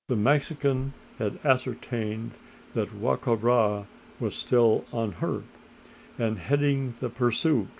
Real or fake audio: real